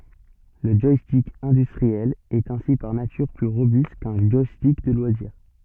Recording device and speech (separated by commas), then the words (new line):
soft in-ear microphone, read sentence
Le joystick industriel est ainsi par nature plus robuste qu'un joystick de loisir.